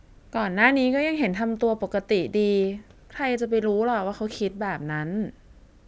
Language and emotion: Thai, sad